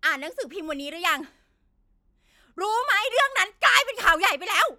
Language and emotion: Thai, angry